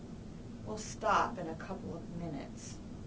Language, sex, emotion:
English
female
neutral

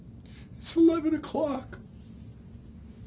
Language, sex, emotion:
English
male
sad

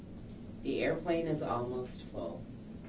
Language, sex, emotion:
English
female
neutral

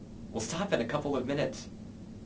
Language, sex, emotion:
English
male
angry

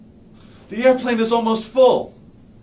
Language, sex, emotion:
English
male
fearful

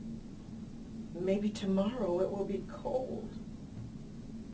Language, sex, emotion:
English
female
sad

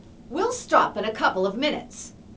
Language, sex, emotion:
English
female
angry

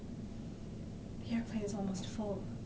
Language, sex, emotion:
English
female
sad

